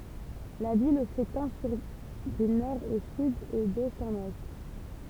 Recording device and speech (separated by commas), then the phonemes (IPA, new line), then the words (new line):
temple vibration pickup, read sentence
la vil setɑ̃ syʁ dy nɔʁ o syd e dɛst ɑ̃n wɛst
La ville s'étend sur du nord au sud et d'est en ouest.